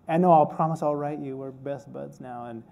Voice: silly voice